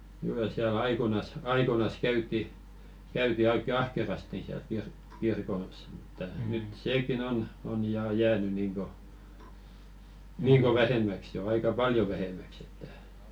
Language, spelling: Finnish, kyllä siellä aikoinaan aikoinaan käytiin käytiin oikein ahkerasti siellä - kirkossa mutta nyt sekin on on ja jäänyt niin kuin niin kuin vähemmäksi jo aika paljon vähemmäksi että
- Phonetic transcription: 'kyllä siä"l ‿aikonas , 'aikonas 'käyt̆ti , käyti 'oikke "ahkerasti siäl kir- kirkos mᴜtta 'nyt "seekin ‿on , on 'jaa 'jääny niiŋko , 'niiŋko "vähemmäks jo 'aika "paljo 'vähemäks ‿että .

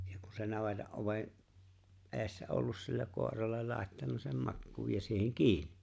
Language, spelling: Finnish, ja kun se navetan oven edessä ollut sillä koiralle laittanut sen makuun ja siihen kiinni
- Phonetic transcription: ja ku se 'naveta '’ove’ , ’e̬e̬ssä 'ollus sill(ä) 'kòerallel 'làettan(u) sem 'makkuuj ja 'siiheŋ "kiinɪ .

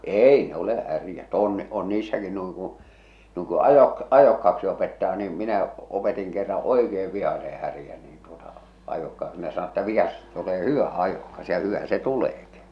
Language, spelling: Finnish, ei ne ole härät on on niissäkin noin kun noin kun - ajokkaaksi opettaa niin minä opetin kerran oikein vihaisen härän niin tuota ajokkaaksi kun ne sanoi että vihaisesta tulee hyvä ajokas ja hyvä se tuleekin
- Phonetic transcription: eei ne ‿ole 'härjät 'òn on niissäki nuiŋ kuṵ , nuiŋ ku 'ajok- , "ajokkaʰᵃksi opettaa niim , minä , opetiŋ kerraa̰ "oikeev 'vihase härjä niin tuota , 'ajokkaaksɪ (ku) ne sano että vihasesta tulee "hyvä̀ 'ajòkas ja "hyvä se 'tuleeki .

